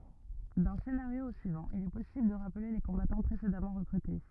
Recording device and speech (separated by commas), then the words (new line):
rigid in-ear microphone, read sentence
D'un scénario au suivant, il est possible de rappeler les combattants précédemment recrutés.